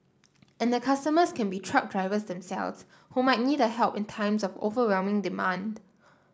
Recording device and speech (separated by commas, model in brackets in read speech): standing microphone (AKG C214), read sentence